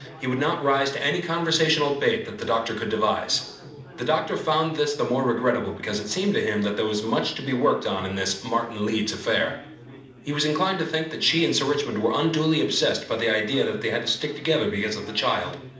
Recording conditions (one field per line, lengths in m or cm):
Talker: one person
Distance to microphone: 2.0 m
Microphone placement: close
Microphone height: 99 cm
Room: medium-sized (5.7 m by 4.0 m)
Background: babble